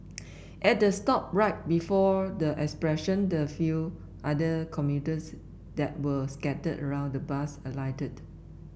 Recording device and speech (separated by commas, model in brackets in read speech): boundary microphone (BM630), read sentence